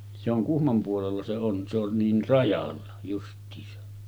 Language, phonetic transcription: Finnish, se ‿oŋ 'Kuhmom puolella 'se on , se ‿on 'niin 'rajalla , just̀iisa .
- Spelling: se on Kuhmon puolella se on se on niin rajalla justiinsa

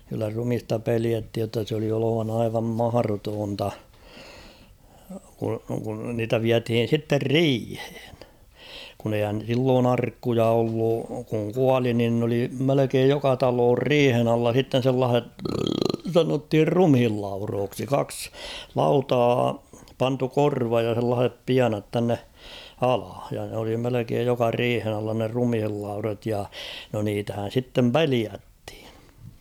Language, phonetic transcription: Finnish, kyllä 'rumista 'peliäthij jotta s ‿oli olovana aivam 'maharotoonta , ku , kun niitä 'viäthiin̬ sitter "riihᴇᴇɴ ; kun ‿eihän̬ 'silloon ‿"arkkuja ollu , kuŋ "kuali nin n ‿oli 'melekeej "joka 'taloor "riihen ‿alla s̬itten̬ sellaah̬et , 'sanothir "rumhillaurooksi 'kaks , "lautaa , 'pantu "korvaj ja s̬ellaahep 'pianat tänne , 'ala , ja n ‿oli melekeej 'joka "riihen ‿alla ne 'rumhillaurat ja , no niitähän̬ 'sittem "peliäthɪ̀ᴊ .
- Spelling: kyllä ruumista pelättiin jotta se oli olevana aivan mahdotonta kun kun niitä vietiin sitten riiheen kun eihän silloin arkkuja ollut kun kuoli niin ne oli melkein joka talon riihen alla sitten sellaiset sanottiin ruumiinlaudoiksi kaksi lautaa pantu korvan ja sellaisen pienat tänne alle ja ne oli melkein joka riihen alla ne ruumiinlaudat ja no niitähän sitten pelättiin

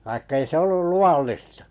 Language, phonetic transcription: Finnish, vaikkᵃ 'ei se 'ollul "lu₍allista .
- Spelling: vaikka ei se ollut luvallista

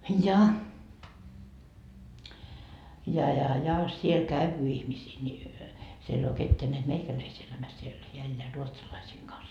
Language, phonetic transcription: Finnish, ja , ja ja ja , siel "käyvy ihmisii ńi , siel ‿ei oo 'ketteä neät "meikäläisi elämäs siel heä 'elleä 'ruotsalaisiiŋ Gans .
- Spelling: ja ja ja ja siellä käy ihmisiä niin siellä ei ole ketään näet meikäläisiä elämässä siellä hän elää ruotsalaisten kanssa

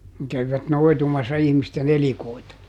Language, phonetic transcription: Finnish, ne ˈkäv(i)vät ˈnoi̮tumassa ihmiste"n ‿elikoita .
- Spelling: ne kävivät noitumassa ihmisten elikoita

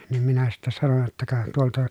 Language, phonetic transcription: Finnish, nim minä sittä sanon jotta » ka , tuolta » ,.
- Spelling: niin minä sitten sanoin jotta ka tuolta

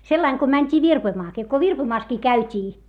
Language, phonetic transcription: Finnish, sellaiŋ ko mäńt́ii virpoⁱmaakii - ko virpoⁱmaaskii käyt́ii .
- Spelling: sellainen kun mentiin virpomaankin kun virpomassakin käytiin

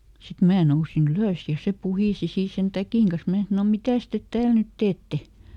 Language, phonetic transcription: Finnish, sit ˈmää ˈnousi"n ‿ylö̀s ja ˈse "puhìsi ˈsii sen "täkìŋ kas ˈmää sano » "mitä̀s tet ˈtääl nyt ˈteette ? »
- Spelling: sitten minä nousin ylös ja se puhisi siinä sen täkin kanssa minä sanoin mitäs te täällä nyt teette

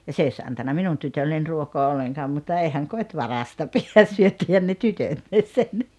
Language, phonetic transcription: Finnish, ja 's ‿ei oś 'antanna "minun 'tytölleń 'ruokoa 'olleŋkaam mutta 'eihäŋ "kot́ "varasta 'pi₍ä , 'syöttihän ne "tytötnis 'sen .
- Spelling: ja se ei olisi antanut minun tytölle ruokaa ollenkaan mutta eihän koti varasta pidä syöttihän ne tytötkin sen

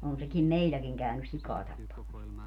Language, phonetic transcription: Finnish, on sekim "meilläkiŋ kä̀ynys 'sikaa 'tappamas .
- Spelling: on sekin meilläkin käynyt sikaa tappamassa

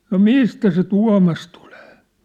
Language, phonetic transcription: Finnish, » no "mistä se "Tua̭mas tᴜʟᴇᴇ ? «
- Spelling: no mistä se Tuomas tulee

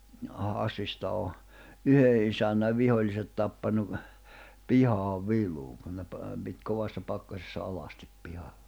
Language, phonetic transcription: Finnish, 'Hassista o , 'yhe isän̆näv 'vihoĺ̆liset tappanu , "pihaav "viluuŋ kun ne pa- , pit 'kovassa 'pakkasessa 'alastip pihalʟᴀ .
- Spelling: Hassista on yhden isännän viholliset tappanut pihaan viluun kun ne - piti kovassa pakkasessa alasti pihalla

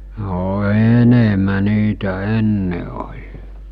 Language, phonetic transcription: Finnish, no 'ènemä 'niitä 'enne oĺ .
- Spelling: no enemmän niitä ennen oli

